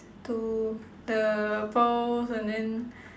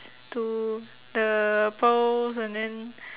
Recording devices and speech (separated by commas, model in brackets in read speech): standing microphone, telephone, conversation in separate rooms